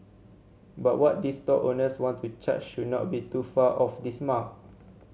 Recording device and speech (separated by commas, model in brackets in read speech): mobile phone (Samsung C7100), read sentence